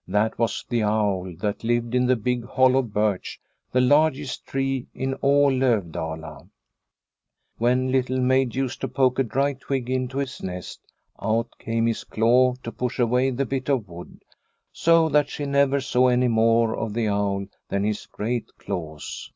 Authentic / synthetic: authentic